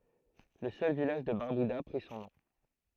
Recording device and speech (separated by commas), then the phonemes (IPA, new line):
throat microphone, read sentence
lə sœl vilaʒ də baʁbyda pʁi sɔ̃ nɔ̃